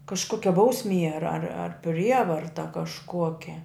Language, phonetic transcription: Lithuanian, kažˈkokia ˈbausˌmie ar ar ˈprievarta kažˈkuokia

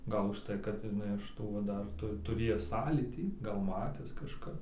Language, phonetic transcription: Lithuanian, ˈgal užˈtai kad iˈnai iš ˈtų va ˈdar tu tuˈrėjęs ˈsąlytį gal ˈmatęs kažˈka

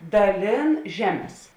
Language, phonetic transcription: Lithuanian, daˈlėn ˈžeˌmes

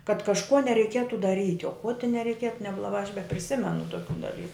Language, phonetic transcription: Lithuanian, kad kažˈkuo nereiˈkietu daˈryt' o ko ti nereiˈkietu neblaˈbā aš bepriˈsimenu toˈkių daˈlyku

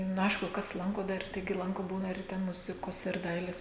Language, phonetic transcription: Lithuanian, nu ˈaišku ˈkas ˈlanko ˈdar ˈtaigi ˈlanko ˈbūna ir ˈten ˈmuzikos ir ˈdailės

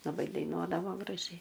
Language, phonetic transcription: Lithuanian, laˈbai daiˈnuodavo graˈžiai

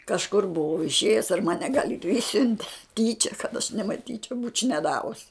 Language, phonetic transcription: Lithuanian, kažˈkur buˈvau išˈėjus ar ˈmane gal' ir ˈišsiunte ˈtyčia kad aš nemaˈtyčiau būč' neˈdavus

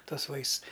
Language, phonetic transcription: Lithuanian, ˈtuos ˈvaists

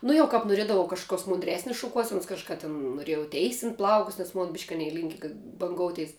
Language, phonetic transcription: Lithuanian, ˈnu jau ˈkap noˈriedavau kažkuˈkios mundˈresnis šuˈkuosenus kažˈka ten noˈrėjau ˈteisint ˈplaukus nes ˈmon bišk' aˈnei ˈlinki ga banˈgouteis

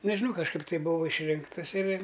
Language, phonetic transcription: Lithuanian, nežiˈnau kažˈkaip tai ˈbuvau išˈrinktas ir

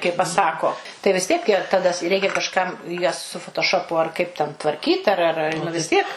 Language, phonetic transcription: Lithuanian, kai paˈsako tai vis ˈtiek ja taˈda ˈreikia kažˈkam jas su fotoˈšopu ar kaip ten tvarˈkyt ar ar ˈar vis ˈtiek

